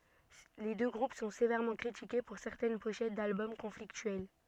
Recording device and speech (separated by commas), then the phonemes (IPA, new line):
soft in-ear microphone, read sentence
le dø ɡʁup sɔ̃ sevɛʁmɑ̃ kʁitike puʁ sɛʁtɛn poʃɛt dalbɔm kɔ̃fliktyɛl